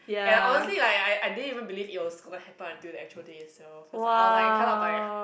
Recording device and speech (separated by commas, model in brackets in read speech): boundary microphone, conversation in the same room